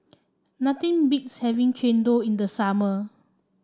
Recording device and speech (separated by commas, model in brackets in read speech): standing microphone (AKG C214), read sentence